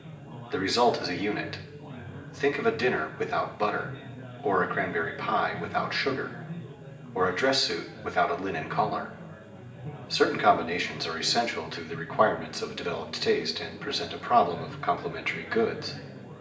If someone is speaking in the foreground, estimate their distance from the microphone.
1.8 m.